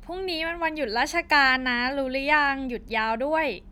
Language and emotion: Thai, happy